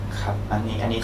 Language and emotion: Thai, neutral